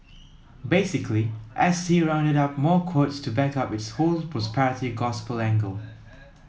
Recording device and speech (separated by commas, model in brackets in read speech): mobile phone (iPhone 7), read sentence